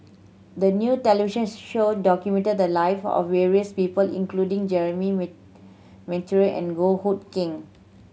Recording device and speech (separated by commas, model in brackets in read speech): mobile phone (Samsung C7100), read sentence